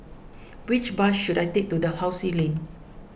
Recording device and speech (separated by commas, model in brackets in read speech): boundary microphone (BM630), read sentence